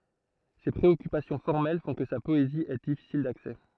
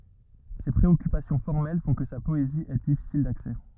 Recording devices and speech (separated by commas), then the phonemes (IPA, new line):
throat microphone, rigid in-ear microphone, read sentence
se pʁeɔkypasjɔ̃ fɔʁmɛl fɔ̃ kə sa pɔezi ɛ difisil daksɛ